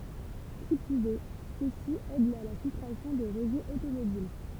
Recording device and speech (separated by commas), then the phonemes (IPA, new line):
temple vibration pickup, read sentence
ki plyz ɛ sø si ɛdt a la filtʁasjɔ̃ de ʁəʒɛz otomobil